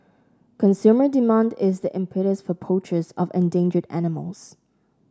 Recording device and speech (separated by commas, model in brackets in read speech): standing microphone (AKG C214), read sentence